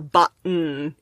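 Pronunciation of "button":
In 'button', the second syllable is just the n sound, with no vowel.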